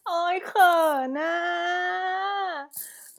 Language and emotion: Thai, happy